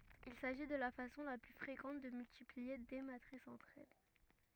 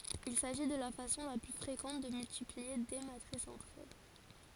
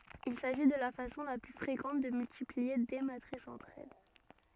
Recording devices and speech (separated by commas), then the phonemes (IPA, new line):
rigid in-ear microphone, forehead accelerometer, soft in-ear microphone, read sentence
il saʒi də la fasɔ̃ la ply fʁekɑ̃t də myltiplie de matʁisz ɑ̃tʁ ɛl